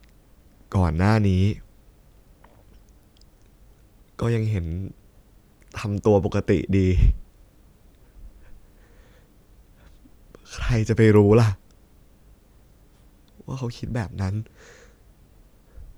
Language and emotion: Thai, sad